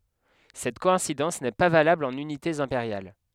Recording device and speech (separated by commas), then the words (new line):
headset microphone, read sentence
Cette coïncidence n'est pas valable en unités impériales.